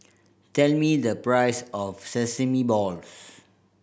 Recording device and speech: boundary microphone (BM630), read sentence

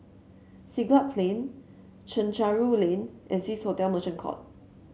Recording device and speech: mobile phone (Samsung C7), read sentence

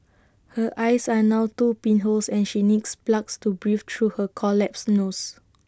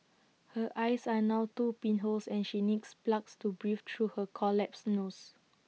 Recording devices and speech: standing microphone (AKG C214), mobile phone (iPhone 6), read sentence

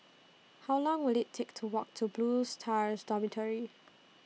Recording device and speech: mobile phone (iPhone 6), read sentence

